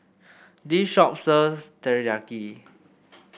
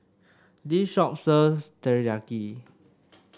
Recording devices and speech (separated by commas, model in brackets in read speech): boundary microphone (BM630), standing microphone (AKG C214), read sentence